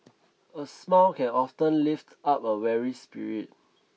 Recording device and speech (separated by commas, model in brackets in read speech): mobile phone (iPhone 6), read sentence